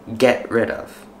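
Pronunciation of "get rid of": In 'get rid of', the words are linked and flow together.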